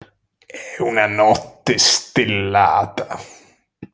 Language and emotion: Italian, angry